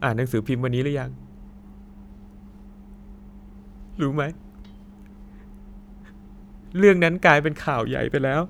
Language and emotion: Thai, sad